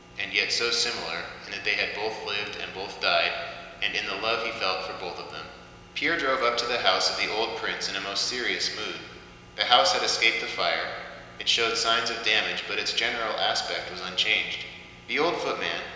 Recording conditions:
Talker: one person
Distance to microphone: 1.7 m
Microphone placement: close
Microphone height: 1.0 m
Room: very reverberant, large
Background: none

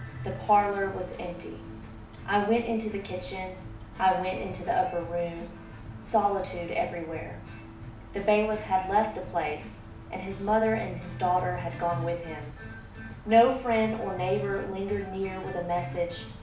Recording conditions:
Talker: one person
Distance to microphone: 2.0 m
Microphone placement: close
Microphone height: 99 cm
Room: medium-sized (5.7 m by 4.0 m)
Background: music

